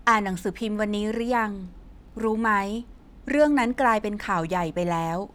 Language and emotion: Thai, neutral